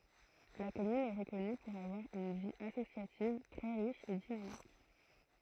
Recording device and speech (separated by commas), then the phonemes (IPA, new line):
throat microphone, read sentence
la kɔmyn ɛ ʁəkɔny puʁ avwaʁ yn vi asosjativ tʁɛ ʁiʃ e dinamik